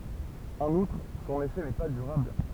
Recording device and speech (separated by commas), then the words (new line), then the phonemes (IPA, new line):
temple vibration pickup, read sentence
En outre, son effet n'est pas durable.
ɑ̃n utʁ sɔ̃n efɛ nɛ pa dyʁabl